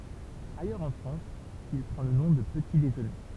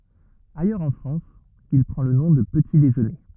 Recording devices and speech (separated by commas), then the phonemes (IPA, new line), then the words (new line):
temple vibration pickup, rigid in-ear microphone, read sentence
ajœʁz ɑ̃ fʁɑ̃s il pʁɑ̃ lə nɔ̃ də pəti deʒøne
Ailleurs en France, il prend le nom de petit déjeuner.